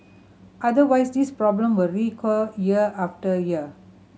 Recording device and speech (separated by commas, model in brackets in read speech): mobile phone (Samsung C7100), read sentence